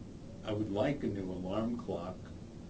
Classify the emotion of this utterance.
neutral